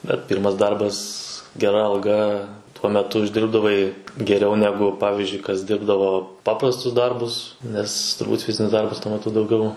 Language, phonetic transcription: Lithuanian, bet ˈpyrmas ˈdarbas geˈra alˈga tuo meˈtu užˈdirbdavai geˈriau ˈnegu ˈpavizdžiui kas ˈdirbdavo ˈpaprastus ˈdarbus ˈnes turˈbūt ˈfizinis ˈdarbas tuo meˈtu dauˈgiau

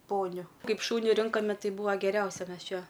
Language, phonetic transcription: Lithuanian, ˈponiu ˈkaip ˈšūni ˈrinkome ˈtai ˈbūa geˈriausia ˈmes ˈčia

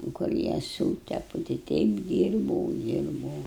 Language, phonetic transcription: Lithuanian, kur ˈjie ˈsūtepu tai ˈteip ˈdyrbau ˈdyrbau

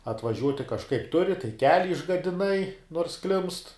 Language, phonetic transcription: Lithuanian, atvaˈžiuoti kažˈkaip ˈturi tai ˈkeli išgadiˈnai nors klimst

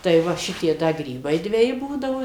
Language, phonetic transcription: Lithuanian, tai ˈva ˈšitie ˈda ˈgrybai dveˈji ˈbūdavo

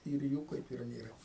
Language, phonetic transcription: Lithuanian, ir ˈjų kaip ir ˈnėra

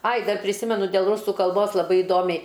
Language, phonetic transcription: Lithuanian, ai ˈdar priˈsimenu dėl ˈrusu kalˈbos laˈbai iˈdomiai

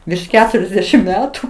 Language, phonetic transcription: Lithuanian, virš ˈketuriasdešim ˈmetu

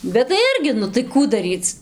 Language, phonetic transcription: Lithuanian, bet tai ˈirgi ˈnu tai ˈkų daˈryc

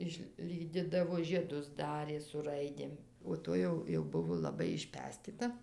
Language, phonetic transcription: Lithuanian, išˈlydidavo žieˈdus ˈdarė su ˈraidėm o ˈtoj jau jau ˈbuvo laˈbai išˈpestita

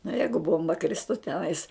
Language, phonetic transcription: Lithuanian, nu ˈjeigu ˈbomba ˈkristu teˈnais

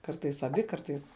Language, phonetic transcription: Lithuanian, ˈkartais aˈbi ˈkartais

